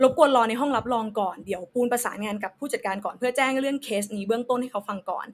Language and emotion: Thai, neutral